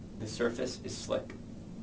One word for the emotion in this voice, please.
neutral